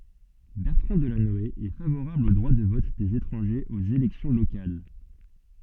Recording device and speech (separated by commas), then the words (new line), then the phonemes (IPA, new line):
soft in-ear microphone, read sentence
Bertrand Delanoë est favorable au droit de vote des étrangers aux élections locales.
bɛʁtʁɑ̃ dəlanɔe ɛ favoʁabl o dʁwa də vɔt dez etʁɑ̃ʒez oz elɛksjɔ̃ lokal